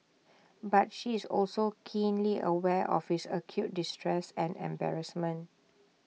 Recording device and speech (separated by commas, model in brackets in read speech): mobile phone (iPhone 6), read sentence